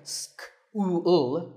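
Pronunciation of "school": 'school' is pronounced incorrectly here: its four sounds are not said together as one group.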